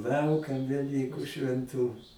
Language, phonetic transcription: Lithuanian, ˈlaukam veˈlyku švenˈtu

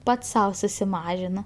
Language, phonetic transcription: Lithuanian, ˈpats ˈsau susiˈmažino

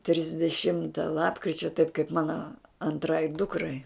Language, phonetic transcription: Lithuanian, trisdeˈšimta ˈlapkričia taip kaip ˈmana anˈtrai ˈdukrai

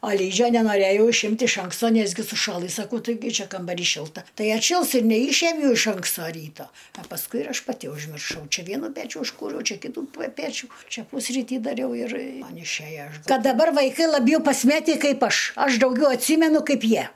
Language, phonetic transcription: Lithuanian, a ˈlydžio nenoˈrėjau išˈimt' iš ˈanksto ˈnesgi suˈšalɨ saˈkau taiˈgi ˈčia kambaˈry ˈšilta ˈtai atˈšils ir neˈyšiemiau iš ˈanksto ˈryto a pasˈkui ir ˈaš paˈti užmirˈšau ˈčia ˈvienu ˈpečiu užˈkūriau ˈčia ˈkytu pa ˈpečiu ˈčia ˈpusrytį daˈriau ir ˈman išˈæja ˈkad daˈbar vaiˈkai laˈbjau pasˈmetį ˈkaip ˈaš ˈaš dauˈgiau atˈsymenu ˈkaip ˈjie

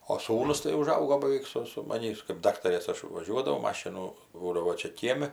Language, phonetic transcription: Lithuanian, o ˈsūnus tai uˈžaugo baˈveik su su maˈnįs kɜp ˈdaktarės ˈaš vaˈžiuodavau ˈmašinu ˈbūdavo ˈčia ˈkiemi

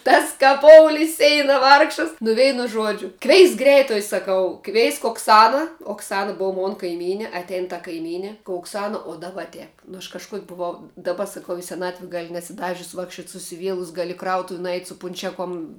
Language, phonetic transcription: Lithuanian, ˈtas ka ˈpouli i ˈseina ˈvargšas nu ˈveinu ˈžuodžiu ˈkveisk ˈgreituoj saˈkau ˈkveisk okˈsana okˈsana ˈbov ˈmon kaiˈmyni atˈein ta kaiˈmyni ka okˈsana o ˈdaba ˈtep nu aš kažˈkuok' buˈvau daˈba saˈkau i seˈnatvi ˈgali nesiˈdažius ˈvakščiuot' susiˈvielus ˈgali i ˈkrautuvi nuˈeit' su punˈčiaˌkom

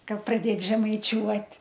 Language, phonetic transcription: Lithuanian, ˈkad praˈdėt žemaiˈčiuot'

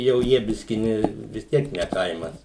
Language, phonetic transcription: Lithuanian, jau ˈjie ˈbiski ˈne vis ˈtiek ne ˈkaimas

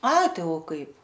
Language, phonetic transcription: Lithuanian, ˈai ˈtai o ˈkaip

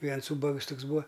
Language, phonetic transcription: Lithuanian, ˈviens ˈūbags ˈtuks ˈbūa

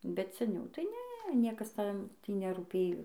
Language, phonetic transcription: Lithuanian, bet seˈniau tai ˈne ˈniekas ˈten ˈtį nerūˈpėjo

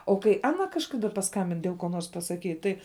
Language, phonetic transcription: Lithuanian, o kai ˈana kažˈkada paˈskambin dėl ko ˈnors pasaˈkyt ˈtai

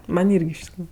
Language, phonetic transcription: Lithuanian, ˈman' ˈirgi iš tikˈrųju

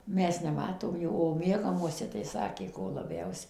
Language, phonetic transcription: Lithuanian, ˈmes neˈmatomˈjų o ˈmiegamuose tai ˈsakė ko laˈbiausia

